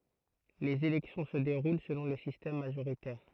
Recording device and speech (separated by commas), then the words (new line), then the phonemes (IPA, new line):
throat microphone, read sentence
Les élections se déroulent selon le système majoritaire.
lez elɛksjɔ̃ sə deʁul səlɔ̃ lə sistɛm maʒoʁitɛʁ